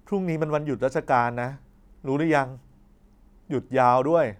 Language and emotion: Thai, neutral